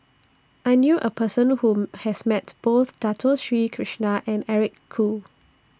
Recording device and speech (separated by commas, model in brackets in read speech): standing microphone (AKG C214), read sentence